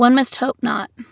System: none